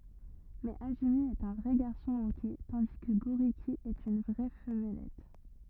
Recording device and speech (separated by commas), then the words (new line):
rigid in-ear microphone, read sentence
Mais Azumi est un vrai garçon manqué, tandis que Gôriki est une vraie femmelette.